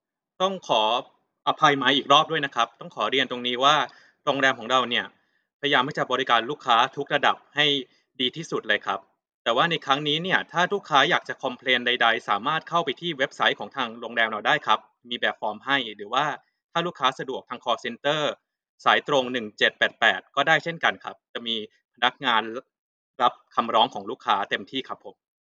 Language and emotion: Thai, neutral